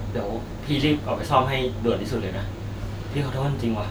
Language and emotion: Thai, sad